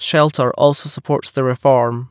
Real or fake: real